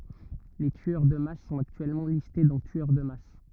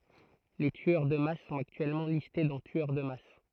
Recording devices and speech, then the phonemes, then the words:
rigid in-ear microphone, throat microphone, read sentence
le tyœʁ də mas sɔ̃t aktyɛlmɑ̃ liste dɑ̃ tyœʁ də mas
Les tueurs de masse sont actuellement listés dans tueur de masse.

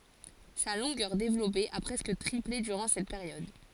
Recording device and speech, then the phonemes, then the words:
forehead accelerometer, read sentence
sa lɔ̃ɡœʁ devlɔpe a pʁɛskə tʁiple dyʁɑ̃ sɛt peʁjɔd
Sa longueur développée a presque triplé durant cette période.

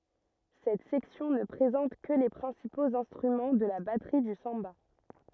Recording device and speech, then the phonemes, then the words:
rigid in-ear microphone, read sentence
sɛt sɛksjɔ̃ nə pʁezɑ̃t kə le pʁɛ̃sipoz ɛ̃stʁymɑ̃ də la batʁi dy sɑ̃ba
Cette section ne présente que les principaux instruments de la batterie du samba.

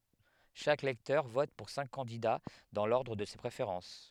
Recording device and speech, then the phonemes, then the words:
headset microphone, read sentence
ʃak lɛktœʁ vɔt puʁ sɛ̃k kɑ̃dida dɑ̃ lɔʁdʁ də se pʁefeʁɑ̃s
Chaque lecteur vote pour cinq candidats dans l'ordre de ses préférences.

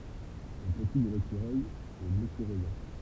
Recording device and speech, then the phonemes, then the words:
temple vibration pickup, read sentence
lə pəti də lekyʁœj ɛ lekyʁœjɔ̃
Le petit de l'écureuil est l'écureuillon.

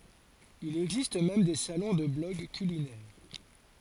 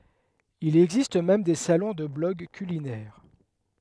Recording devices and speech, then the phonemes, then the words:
forehead accelerometer, headset microphone, read sentence
il ɛɡzist mɛm de salɔ̃ də blɔɡ kylinɛʁ
Il existe même des salons de blogs culinaires.

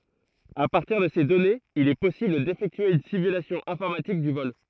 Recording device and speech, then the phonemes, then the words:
throat microphone, read sentence
a paʁtiʁ də se dɔnez il ɛ pɔsibl defɛktye yn simylasjɔ̃ ɛ̃fɔʁmatik dy vɔl
À partir de ces données, il est possible d'effectuer une simulation informatique du vol.

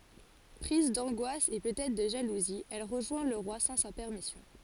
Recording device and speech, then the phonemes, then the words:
forehead accelerometer, read sentence
pʁiz dɑ̃ɡwas e pøt ɛtʁ də ʒaluzi ɛl ʁəʒwɛ̃ lə ʁwa sɑ̃ sa pɛʁmisjɔ̃
Prise d'angoisse et peut être de jalousie, elle rejoint le roi sans sa permission.

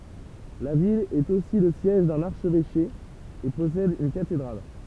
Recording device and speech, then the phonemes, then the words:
temple vibration pickup, read sentence
la vil ɛt osi lə sjɛʒ dœ̃n aʁʃvɛʃe e pɔsɛd yn katedʁal
La ville est aussi le siège d'un archevêché et possède une cathédrale.

